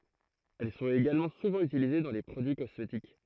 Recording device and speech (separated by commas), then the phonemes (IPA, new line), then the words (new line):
throat microphone, read sentence
ɛl sɔ̃t eɡalmɑ̃ suvɑ̃ ytilize dɑ̃ le pʁodyi kɔsmetik
Elles sont également souvent utilisées dans les produits cosmétiques.